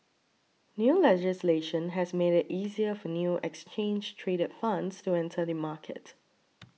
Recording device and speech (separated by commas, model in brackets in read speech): mobile phone (iPhone 6), read sentence